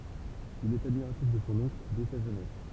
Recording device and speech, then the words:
temple vibration pickup, read sentence
Il est admiratif de son oncle dès sa jeunesse.

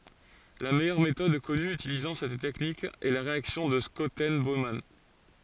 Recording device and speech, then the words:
forehead accelerometer, read sentence
La meilleure méthode connue utilisant cette technique est la réaction de Schotten-Baumann.

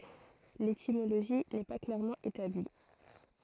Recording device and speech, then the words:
throat microphone, read sentence
L'étymologie n'est pas clairement établie.

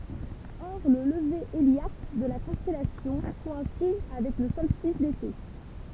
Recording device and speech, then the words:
temple vibration pickup, read sentence
Or le lever héliaque de la constellation coïncide avec le solstice d'été.

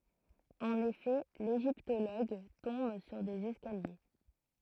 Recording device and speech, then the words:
throat microphone, read sentence
En effet, l'égyptologue tombe sur des escaliers.

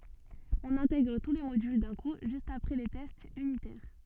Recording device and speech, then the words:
soft in-ear microphone, read sentence
On intègre tous les modules d'un coup juste après les tests unitaires.

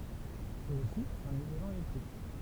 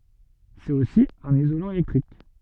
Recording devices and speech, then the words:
temple vibration pickup, soft in-ear microphone, read sentence
C'est aussi un isolant électrique.

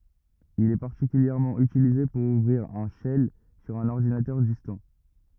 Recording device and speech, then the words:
rigid in-ear microphone, read sentence
Il est particulièrement utilisé pour ouvrir un shell sur un ordinateur distant.

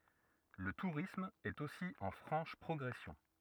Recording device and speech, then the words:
rigid in-ear microphone, read sentence
Le tourisme est aussi en franche progression.

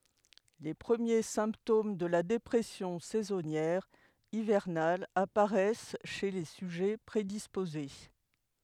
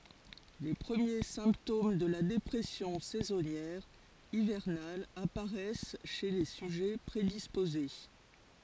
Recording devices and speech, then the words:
headset microphone, forehead accelerometer, read sentence
Les premiers symptômes de la dépression saisonnière hivernale apparaissent chez les sujets prédisposés.

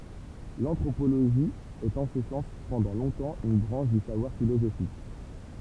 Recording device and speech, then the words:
temple vibration pickup, read sentence
L'anthropologie est en ce sens pendant longtemps une branche du savoir philosophique.

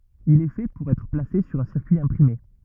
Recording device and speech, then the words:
rigid in-ear microphone, read sentence
Il est fait pour être placé sur un circuit imprimé.

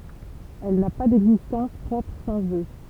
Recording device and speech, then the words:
temple vibration pickup, read sentence
Elle n'a pas d'existence propre sans eux.

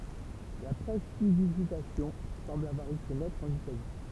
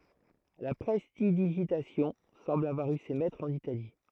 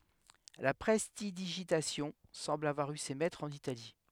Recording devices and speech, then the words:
temple vibration pickup, throat microphone, headset microphone, read sentence
La prestidigitation semble avoir eu ses maîtres en Italie.

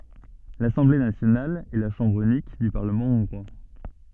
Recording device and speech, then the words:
soft in-ear microphone, read sentence
L'Assemblée nationale est la chambre unique du Parlement hongrois.

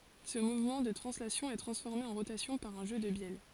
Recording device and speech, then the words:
forehead accelerometer, read sentence
Ce mouvement de translation est transformé en rotation par un jeu de bielles.

